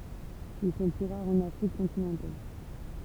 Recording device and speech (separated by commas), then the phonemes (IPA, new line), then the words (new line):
temple vibration pickup, read sentence
il sɔ̃ ply ʁaʁz ɑ̃n afʁik kɔ̃tinɑ̃tal
Ils sont plus rares en Afrique continentale.